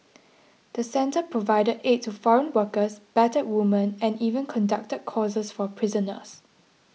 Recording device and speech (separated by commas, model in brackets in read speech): mobile phone (iPhone 6), read sentence